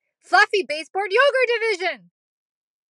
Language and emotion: English, surprised